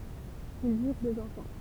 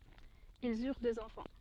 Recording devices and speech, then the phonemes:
temple vibration pickup, soft in-ear microphone, read sentence
ilz yʁ døz ɑ̃fɑ̃

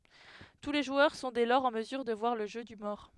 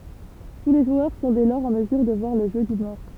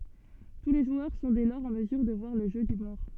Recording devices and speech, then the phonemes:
headset microphone, temple vibration pickup, soft in-ear microphone, read sentence
tu le ʒwœʁ sɔ̃ dɛ lɔʁz ɑ̃ məzyʁ də vwaʁ lə ʒø dy mɔʁ

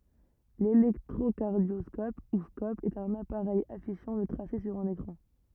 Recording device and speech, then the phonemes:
rigid in-ear microphone, read sentence
lelɛktʁokaʁdjɔskɔp u skɔp ɛt œ̃n apaʁɛj afiʃɑ̃ lə tʁase syʁ œ̃n ekʁɑ̃

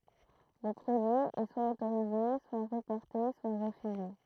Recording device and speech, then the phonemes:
throat microphone, read sentence
lə pʁodyi ɛ swa otoʁize swa ʁəpɔʁte swa ʁəfyze

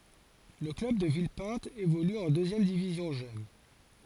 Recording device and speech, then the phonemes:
forehead accelerometer, read sentence
lə klœb də vilpɛ̃t evoly ɑ̃ døzjɛm divizjɔ̃ ʒøn

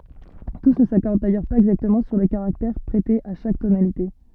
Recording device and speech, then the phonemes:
soft in-ear microphone, read sentence
tus nə sakɔʁd dajœʁ paz ɛɡzaktəmɑ̃ syʁ lə kaʁaktɛʁ pʁɛte a ʃak tonalite

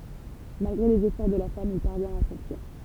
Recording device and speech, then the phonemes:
temple vibration pickup, read sentence
malɡʁe lez efɔʁ də la fam il paʁvjɛ̃t a sɑ̃fyiʁ

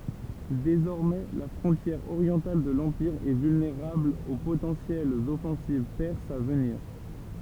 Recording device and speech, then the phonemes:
temple vibration pickup, read sentence
dezɔʁmɛ la fʁɔ̃tjɛʁ oʁjɑ̃tal də lɑ̃piʁ ɛ vylneʁabl o potɑ̃sjɛlz ɔfɑ̃siv pɛʁsz a vəniʁ

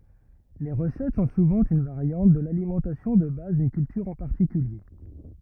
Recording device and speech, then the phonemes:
rigid in-ear microphone, read sentence
le ʁəsɛt sɔ̃ suvɑ̃ yn vaʁjɑ̃t də lalimɑ̃tasjɔ̃ də baz dyn kyltyʁ ɑ̃ paʁtikylje

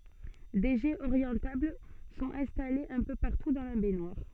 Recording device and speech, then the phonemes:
soft in-ear microphone, read sentence
de ʒɛz oʁjɑ̃tabl sɔ̃t ɛ̃stalez œ̃ pø paʁtu dɑ̃ la bɛɲwaʁ

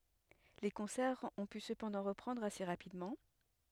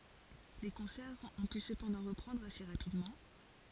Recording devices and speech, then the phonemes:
headset microphone, forehead accelerometer, read sentence
le kɔ̃sɛʁz ɔ̃ py səpɑ̃dɑ̃ ʁəpʁɑ̃dʁ ase ʁapidmɑ̃

